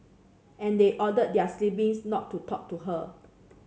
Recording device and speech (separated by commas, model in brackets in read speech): mobile phone (Samsung C7), read sentence